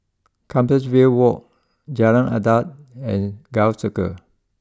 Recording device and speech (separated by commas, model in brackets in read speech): close-talking microphone (WH20), read sentence